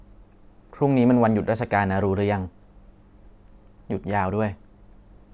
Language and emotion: Thai, neutral